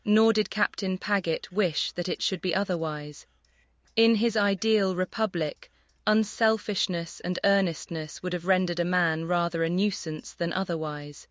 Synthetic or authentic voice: synthetic